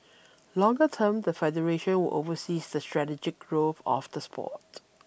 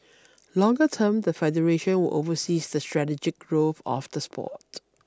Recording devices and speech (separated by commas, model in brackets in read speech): boundary microphone (BM630), standing microphone (AKG C214), read sentence